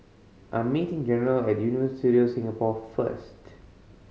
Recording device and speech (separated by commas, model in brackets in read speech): mobile phone (Samsung C5010), read sentence